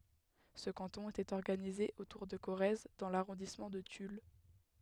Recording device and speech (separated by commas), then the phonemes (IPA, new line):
headset microphone, read sentence
sə kɑ̃tɔ̃ etɛt ɔʁɡanize otuʁ də koʁɛz dɑ̃ laʁɔ̃dismɑ̃ də tyl